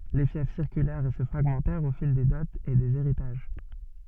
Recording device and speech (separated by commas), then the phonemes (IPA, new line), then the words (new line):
soft in-ear microphone, read sentence
le fjɛf siʁkylɛʁt e sə fʁaɡmɑ̃tɛʁt o fil de dɔtz e dez eʁitaʒ
Les fiefs circulèrent et se fragmentèrent au fil des dots et des héritages.